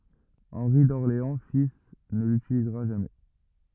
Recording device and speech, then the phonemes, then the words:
rigid in-ear microphone, read sentence
ɑ̃ʁi dɔʁleɑ̃ fil nə lytilizʁa ʒamɛ
Henri d'Orléans fils ne l'utilisera jamais.

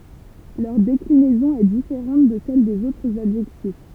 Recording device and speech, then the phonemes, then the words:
temple vibration pickup, read sentence
lœʁ deklinɛzɔ̃ ɛ difeʁɑ̃t də sɛl dez otʁz adʒɛktif
Leur déclinaison est différente de celles des autres adjectifs.

